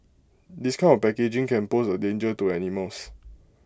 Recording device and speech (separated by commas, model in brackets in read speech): close-talking microphone (WH20), read sentence